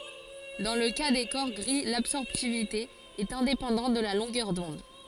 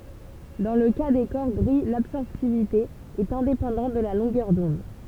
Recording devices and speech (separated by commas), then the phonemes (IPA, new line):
forehead accelerometer, temple vibration pickup, read sentence
dɑ̃ lə ka de kɔʁ ɡʁi labsɔʁptivite ɛt ɛ̃depɑ̃dɑ̃t də la lɔ̃ɡœʁ dɔ̃d